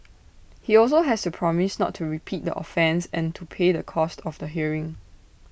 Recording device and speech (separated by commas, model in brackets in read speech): boundary microphone (BM630), read sentence